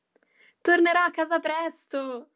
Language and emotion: Italian, happy